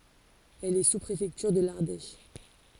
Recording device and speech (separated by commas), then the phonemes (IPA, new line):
forehead accelerometer, read sentence
ɛl ɛ suspʁefɛktyʁ də laʁdɛʃ